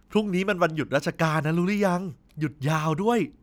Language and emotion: Thai, happy